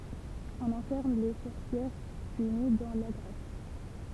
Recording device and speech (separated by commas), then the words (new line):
temple vibration pickup, read sentence
On enferme les sorcières punies dans la grotte.